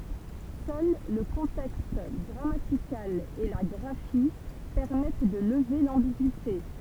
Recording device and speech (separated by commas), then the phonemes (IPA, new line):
temple vibration pickup, read sentence
sœl lə kɔ̃tɛkst ɡʁamatikal e la ɡʁafi pɛʁmɛt də ləve lɑ̃biɡyite